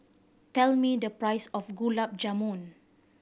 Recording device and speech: boundary microphone (BM630), read sentence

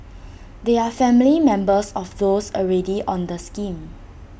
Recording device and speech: boundary microphone (BM630), read sentence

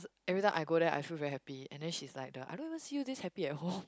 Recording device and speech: close-talking microphone, conversation in the same room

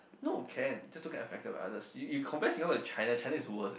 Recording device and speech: boundary microphone, conversation in the same room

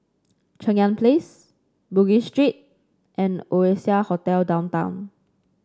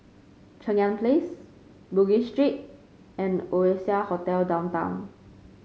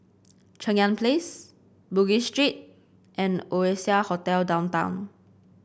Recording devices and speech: standing microphone (AKG C214), mobile phone (Samsung C5), boundary microphone (BM630), read sentence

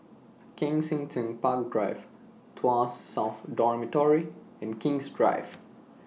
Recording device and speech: mobile phone (iPhone 6), read sentence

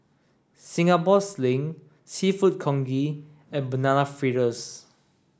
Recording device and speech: standing microphone (AKG C214), read sentence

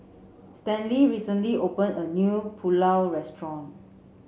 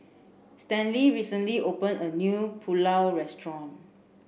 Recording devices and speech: mobile phone (Samsung C7), boundary microphone (BM630), read sentence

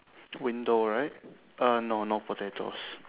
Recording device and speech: telephone, conversation in separate rooms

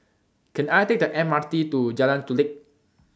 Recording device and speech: standing microphone (AKG C214), read sentence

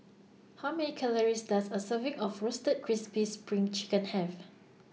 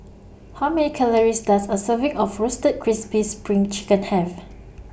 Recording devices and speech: mobile phone (iPhone 6), boundary microphone (BM630), read sentence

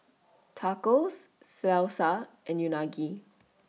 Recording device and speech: mobile phone (iPhone 6), read sentence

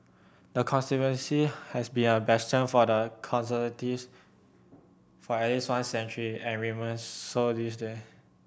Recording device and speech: boundary microphone (BM630), read sentence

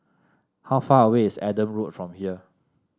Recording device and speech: standing microphone (AKG C214), read sentence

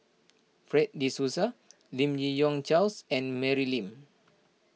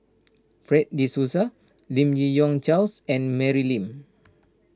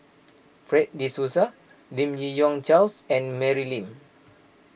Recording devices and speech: mobile phone (iPhone 6), standing microphone (AKG C214), boundary microphone (BM630), read sentence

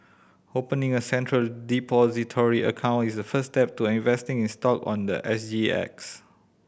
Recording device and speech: boundary microphone (BM630), read sentence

